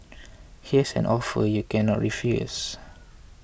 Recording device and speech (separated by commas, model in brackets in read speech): boundary microphone (BM630), read sentence